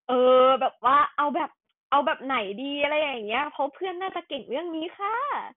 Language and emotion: Thai, happy